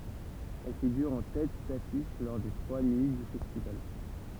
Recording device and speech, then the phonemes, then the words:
temple vibration pickup, read sentence
ɛl fiɡyʁ ɑ̃ tɛt dafiʃ lɔʁ de tʁwa nyi dy fɛstival
Elle figure en tête d'affiche lors des trois nuits du festival.

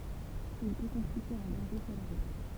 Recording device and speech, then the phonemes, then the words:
temple vibration pickup, read sentence
il pø kɔ̃stitye œ̃ dɑ̃ʒe syʁ la ʁut
Il peut constituer un danger sur la route.

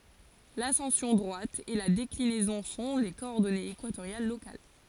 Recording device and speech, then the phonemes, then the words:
forehead accelerometer, read sentence
lasɑ̃sjɔ̃ dʁwat e la deklinɛzɔ̃ sɔ̃ le kɔɔʁdɔnez ekwatoʁjal lokal
L'ascension droite et la déclinaison sont les coordonnées équatoriales locales.

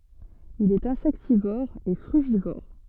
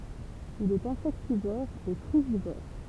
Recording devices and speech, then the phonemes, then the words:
soft in-ear microphone, temple vibration pickup, read sentence
il ɛt ɛ̃sɛktivɔʁ e fʁyʒivɔʁ
Il est insectivore et frugivore.

